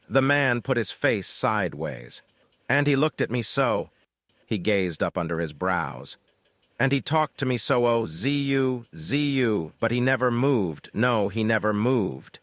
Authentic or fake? fake